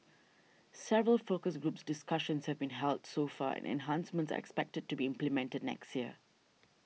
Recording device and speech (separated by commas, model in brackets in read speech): mobile phone (iPhone 6), read sentence